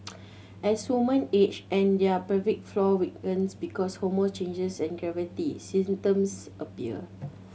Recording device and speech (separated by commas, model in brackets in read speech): mobile phone (Samsung C7100), read sentence